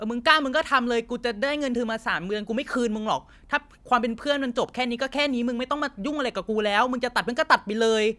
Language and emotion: Thai, angry